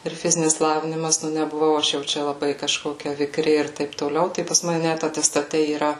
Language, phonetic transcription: Lithuanian, ir ˈfizinis ˈlavinimas nebuˈvau ˈaš jau ˈčia laˈbai kaˈžkokia viˈkri ir ˈtaip toˈliau ˈtai pas ˈmane ˈnæt atestaˈte yˈra

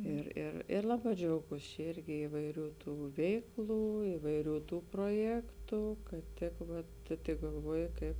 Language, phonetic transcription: Lithuanian, ir ir ir ˈlaˌbā džiauˈgūs čia ˈirgi ivaiˈrių ˈtų ˈveikˌlų ivaiˈrių ˈtų proˈjektu kad ˈtik vat tu tik galˈvuoji ˈkaip

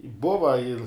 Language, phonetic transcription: Lithuanian, ˈbuva ir

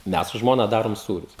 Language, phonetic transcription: Lithuanian, ˈmes su ˈžmona ˈdarom ˈsūrius

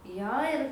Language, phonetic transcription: Lithuanian, ˈjo ir

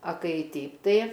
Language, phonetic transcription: Lithuanian, a ˈkai ˈteip ˈtai

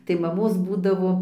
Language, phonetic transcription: Lithuanian, tai maˈmos ˈbūdavo

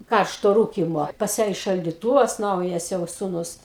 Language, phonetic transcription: Lithuanian, ˈkaršto ˈrūkimo pas ˈją i šaldiˈtūvas ˈnaujas jau suˈnus

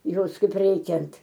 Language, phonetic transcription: Lithuanian, ˈjos kaip ˈreikiant

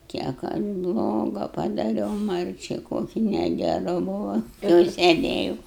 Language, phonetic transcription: Lithuanian, kiek ˈaš ˈbloga padaˈriau ˈmarčiai ˈkoki negeˈru ˈbuvu jau seˈdėju

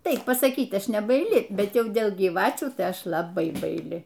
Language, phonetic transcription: Lithuanian, ˈtaip pasaˈkyt ˈaš nebaiˈli ˈbet ˈjau ˈdėl gyˈvačių tai ˈaš laˈbai baiˈli

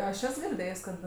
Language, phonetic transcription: Lithuanian, aš ˈes girˈdėjs' kad

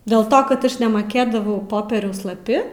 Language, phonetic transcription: Lithuanian, dėl ˈto kad ˈaš nemaˈkėdavau ˈpopieriaus laˈpi

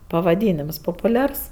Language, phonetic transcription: Lithuanian, pavaˈdynims popuˈliars

